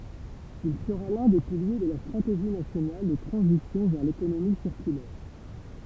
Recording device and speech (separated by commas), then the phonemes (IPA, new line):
temple vibration pickup, read sentence
il səʁa lœ̃ de pilje də la stʁateʒi nasjonal də tʁɑ̃zisjɔ̃ vɛʁ lekonomi siʁkylɛʁ